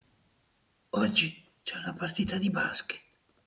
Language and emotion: Italian, fearful